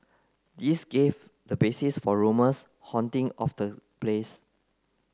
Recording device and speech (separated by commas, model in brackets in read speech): close-talking microphone (WH30), read sentence